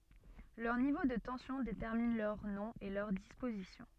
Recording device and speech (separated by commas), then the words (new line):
soft in-ear microphone, read sentence
Leur niveau de tension détermine leur nom et leur disposition.